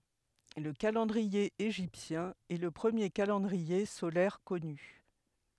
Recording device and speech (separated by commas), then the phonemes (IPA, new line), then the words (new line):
headset microphone, read sentence
lə kalɑ̃dʁie eʒiptjɛ̃ ɛ lə pʁəmje kalɑ̃dʁie solɛʁ kɔny
Le calendrier égyptien est le premier calendrier solaire connu.